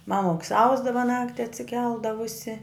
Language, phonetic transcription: Lithuanian, ˈmamuks ˈausdava ˈnakti atsiˈkeldavusi

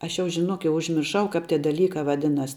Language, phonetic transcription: Lithuanian, ˈaš jau žiˈnok jau užmirˈšau ˈkāp ˈtie daˈlykā vaˈdinas

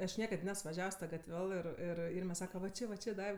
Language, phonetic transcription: Lithuanian, aš ˈniekad ˈnes vaˈžiavs ˈta gatˈvel ir ˈir ˈirme ˈsaka va ˈči va ˈči ˈdaiv

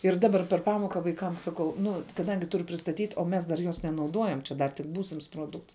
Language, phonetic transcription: Lithuanian, ir ˈdabar per ˈpamoka vaiˈkam saˈkau ˈnu kaˈdangi ˈturu pristaˈtyt' o ˈmes dar ˈjos nenauˈduojam čia ˈdar tik ˈbūsims ˈproˌdukts

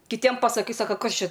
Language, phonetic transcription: Lithuanian, kiˈtiem pasaˈkai ˈsaka ˈkas ˈčia

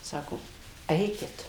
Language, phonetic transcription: Lithuanian, ˈsako ˈeikit

